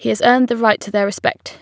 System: none